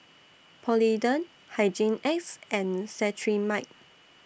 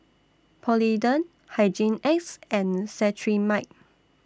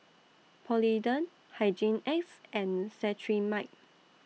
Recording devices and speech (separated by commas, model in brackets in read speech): boundary microphone (BM630), standing microphone (AKG C214), mobile phone (iPhone 6), read sentence